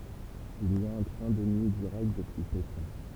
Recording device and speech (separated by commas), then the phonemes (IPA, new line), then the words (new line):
temple vibration pickup, read sentence
il i a œ̃ tʁɛ̃ də nyi diʁɛkt dəpyi pekɛ̃
Il y a un train de nuit direct depuis Pékin.